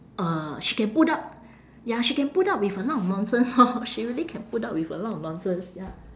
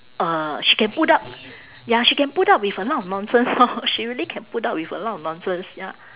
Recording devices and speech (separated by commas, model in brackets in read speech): standing microphone, telephone, conversation in separate rooms